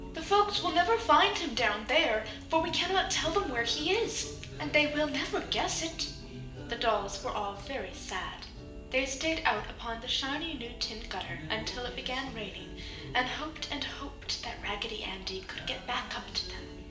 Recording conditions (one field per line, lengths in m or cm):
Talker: one person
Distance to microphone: 1.8 m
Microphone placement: close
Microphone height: 1.0 m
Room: large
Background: music